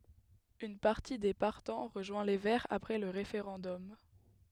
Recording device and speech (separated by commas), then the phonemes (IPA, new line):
headset microphone, read sentence
yn paʁti de paʁtɑ̃ ʁəʒwɛ̃ le vɛʁz apʁɛ lə ʁefeʁɑ̃dɔm